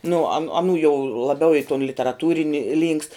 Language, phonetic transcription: Lithuanian, nu an aˈnų jau laˈbiau i ton literaˈtūrini lynkst

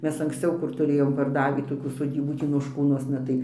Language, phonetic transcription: Lithuanian, ˈmes anksˈciau kur tuˈrėjom parˈdavį toˈkių soˈdybų ˈtį nošˈkūnuosna tai

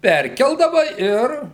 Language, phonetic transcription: Lithuanian, ˈperkeldava ˈir

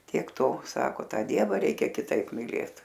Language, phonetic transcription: Lithuanian, tiek ˈto ˈsako ˈtą ˈdieva ˈreikia kiˈtaip miˈlėt

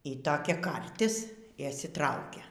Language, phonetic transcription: Lithuanian, y toˈkia ˈkartis i išsiˈtraukia

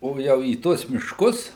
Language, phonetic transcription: Lithuanian, ˈo ˈjau į ˈtuos mišˈkus

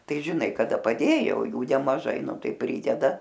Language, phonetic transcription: Lithuanian, ˈtai žiˈnai kaˈda paˈdėjo o ˈjų nemaˈžai ˈnu ˈtai ˈprydeda

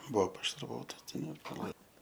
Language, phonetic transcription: Lithuanian, ˈbuo pašarˈvotas ˈten ir paˈlai

